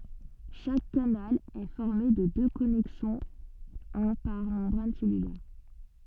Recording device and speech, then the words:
soft in-ear microphone, read sentence
Chaque canal est formé de deux connexons, un par membrane cellulaire.

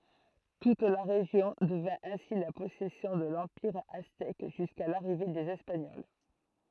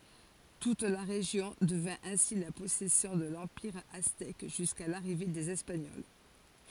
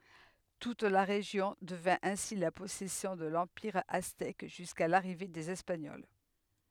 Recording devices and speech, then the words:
throat microphone, forehead accelerometer, headset microphone, read sentence
Toute la région devint ainsi la possession de l'empire aztèque jusqu'à l'arrivée des espagnols.

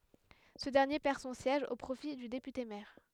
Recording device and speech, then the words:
headset microphone, read sentence
Ce dernier perd son siège au profit du député maire.

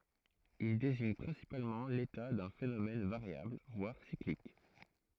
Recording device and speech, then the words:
throat microphone, read sentence
Il désigne principalement l'état d'un phénomène, variable, voire cyclique.

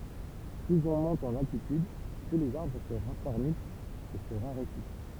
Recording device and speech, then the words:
temple vibration pickup, read sentence
Plus on monte en altitude, plus les arbres se racornissent et se raréfient.

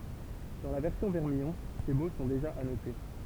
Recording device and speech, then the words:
temple vibration pickup, read sentence
Dans la version vermillon; ces mots sont déjà annotés.

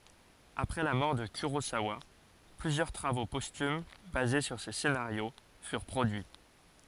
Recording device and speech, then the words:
forehead accelerometer, read sentence
Après la mort de Kurosawa, plusieurs travaux posthumes basés sur ses scénarios furent produits.

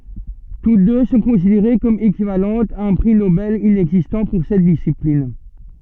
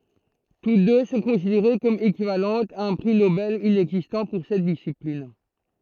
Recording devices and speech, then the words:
soft in-ear microphone, throat microphone, read sentence
Toutes deux sont considérées comme équivalentes à un prix Nobel inexistant pour cette discipline.

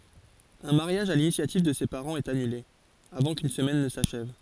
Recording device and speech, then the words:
forehead accelerometer, read sentence
Un mariage à l’initiative de ses parents est annulé, avant qu’une semaine ne s’achève.

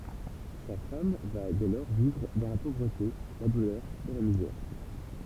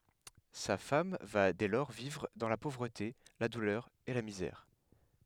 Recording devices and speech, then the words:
temple vibration pickup, headset microphone, read sentence
Sa femme va dès lors vivre dans la pauvreté, la douleur et la misère.

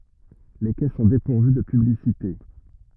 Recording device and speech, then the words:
rigid in-ear microphone, read sentence
Les quais sont dépourvus de publicités.

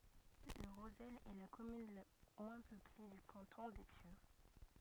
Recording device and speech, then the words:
rigid in-ear microphone, read sentence
Le Rozel est la commune la moins peuplée du canton des Pieux.

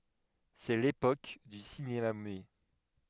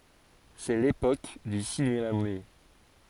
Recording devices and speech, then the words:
headset microphone, forehead accelerometer, read sentence
C'est l'époque du cinéma muet.

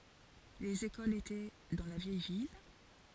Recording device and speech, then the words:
forehead accelerometer, read sentence
Les écoles étaient dans la vieille ville.

